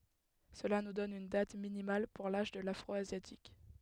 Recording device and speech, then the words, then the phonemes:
headset microphone, read sentence
Cela nous donne une date minimale pour l'âge de l'Afro-asiatique.
səla nu dɔn yn dat minimal puʁ laʒ də lafʁɔazjatik

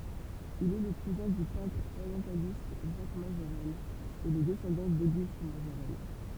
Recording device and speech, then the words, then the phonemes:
temple vibration pickup, read sentence
Il est le cousin du peintre orientialiste Jacques Majorelle et le descendant d'Auguste Majorelle.
il ɛ lə kuzɛ̃ dy pɛ̃tʁ oʁjɑ̃sjalist ʒak maʒoʁɛl e lə dɛsɑ̃dɑ̃ doɡyst maʒoʁɛl

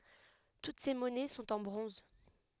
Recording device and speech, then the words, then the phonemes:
headset microphone, read sentence
Toutes ces monnaies sont en bronze.
tut se mɔnɛ sɔ̃t ɑ̃ bʁɔ̃z

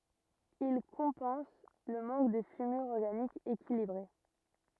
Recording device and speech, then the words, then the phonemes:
rigid in-ear microphone, read sentence
Ils compensent le manque de fumure organique équilibrée.
il kɔ̃pɑ̃s lə mɑ̃k də fymyʁ ɔʁɡanik ekilibʁe

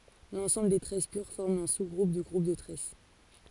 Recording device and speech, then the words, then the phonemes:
forehead accelerometer, read sentence
L'ensemble des tresses pures forme un sous-groupe du groupe de tresses.
lɑ̃sɑ̃bl de tʁɛs pyʁ fɔʁm œ̃ suzɡʁup dy ɡʁup də tʁɛs

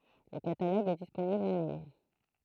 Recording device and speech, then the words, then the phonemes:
throat microphone, read sentence
Le catalogue est disponible en ligne.
lə kataloɡ ɛ disponibl ɑ̃ liɲ

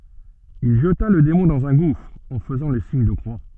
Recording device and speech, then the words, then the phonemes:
soft in-ear microphone, read sentence
Il jeta le démon dans un gouffre, en faisant le signe de croix.
il ʒəta lə demɔ̃ dɑ̃z œ̃ ɡufʁ ɑ̃ fəzɑ̃ lə siɲ də kʁwa

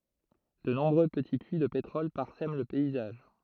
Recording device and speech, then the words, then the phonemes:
throat microphone, read sentence
De nombreux petits puits de pétrole parsèment le paysage.
də nɔ̃bʁø pəti pyi də petʁɔl paʁsɛm lə pɛizaʒ

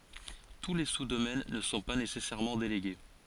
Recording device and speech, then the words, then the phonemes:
forehead accelerometer, read sentence
Tous les sous-domaines ne sont pas nécessairement délégués.
tu le su domɛn nə sɔ̃ pa nesɛsɛʁmɑ̃ deleɡe

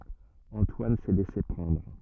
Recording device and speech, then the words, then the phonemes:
rigid in-ear microphone, read sentence
Antoine s'est laissé prendre.
ɑ̃twan sɛ lɛse pʁɑ̃dʁ

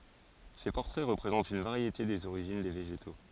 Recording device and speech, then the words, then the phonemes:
forehead accelerometer, read sentence
Ces portraits représentent une variété des origines des végétaux.
se pɔʁtʁɛ ʁəpʁezɑ̃tt yn vaʁjete dez oʁiʒin de veʒeto

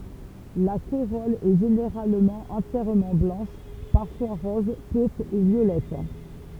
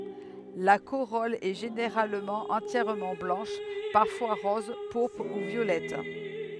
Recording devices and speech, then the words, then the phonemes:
temple vibration pickup, headset microphone, read sentence
La corolle est généralement entièrement blanche, parfois rose, pourpre ou violette.
la koʁɔl ɛ ʒeneʁalmɑ̃ ɑ̃tjɛʁmɑ̃ blɑ̃ʃ paʁfwa ʁɔz puʁpʁ u vjolɛt

